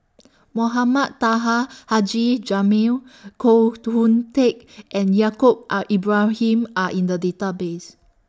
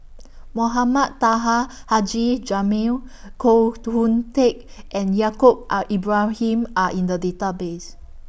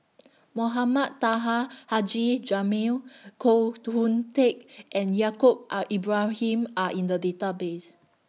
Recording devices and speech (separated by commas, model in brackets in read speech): standing microphone (AKG C214), boundary microphone (BM630), mobile phone (iPhone 6), read sentence